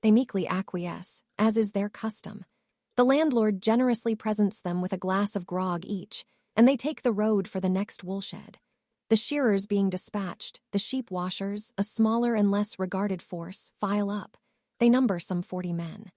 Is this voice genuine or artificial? artificial